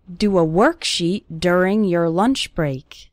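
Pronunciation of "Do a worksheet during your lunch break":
The o in 'worksheet' and the u in 'during' both have an er sound.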